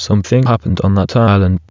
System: TTS, waveform concatenation